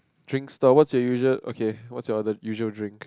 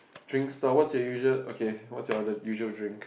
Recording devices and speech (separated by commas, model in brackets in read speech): close-talking microphone, boundary microphone, conversation in the same room